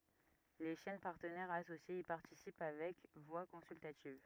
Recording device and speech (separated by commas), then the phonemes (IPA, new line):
rigid in-ear microphone, read sentence
le ʃɛn paʁtənɛʁz asosjez i paʁtisip avɛk vwa kɔ̃syltativ